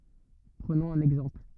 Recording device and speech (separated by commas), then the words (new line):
rigid in-ear microphone, read sentence
Prenons un exemple.